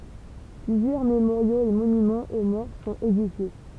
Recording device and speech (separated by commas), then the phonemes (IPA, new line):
temple vibration pickup, read sentence
plyzjœʁ memoʁjoz e monymɑ̃z o mɔʁ sɔ̃t edifje